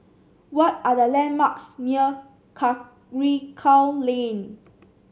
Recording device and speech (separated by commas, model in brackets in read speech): mobile phone (Samsung C7), read sentence